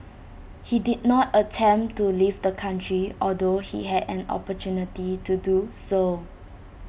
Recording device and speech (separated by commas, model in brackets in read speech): boundary microphone (BM630), read sentence